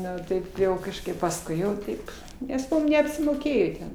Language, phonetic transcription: Lithuanian, ˈnu ˈtaip jau kažˈkaip pasˈkui jau ˈtaip nes ˈmum neapsimoˈkėjo ten

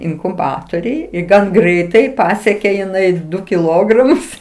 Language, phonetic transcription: Lithuanian, inkuˈbatoriuj i ˈgan ˈgreitai ˈpasiekė jiˈnai ˈdu kiˈlogramus

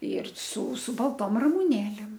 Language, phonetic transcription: Lithuanian, ir su su balˈtom ramuˈnėlėm

